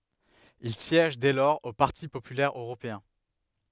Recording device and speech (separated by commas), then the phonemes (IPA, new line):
headset microphone, read sentence
il sjɛʒ dɛ lɔʁz o paʁti popylɛʁ øʁopeɛ̃